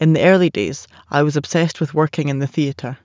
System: none